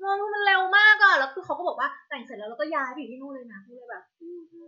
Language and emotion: Thai, happy